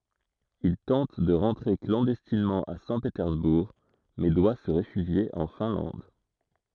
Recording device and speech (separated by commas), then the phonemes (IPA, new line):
throat microphone, read sentence
il tɑ̃t də ʁɑ̃tʁe klɑ̃dɛstinmɑ̃ a sɛ̃petɛʁzbuʁ mɛ dwa sə ʁefyʒje ɑ̃ fɛ̃lɑ̃d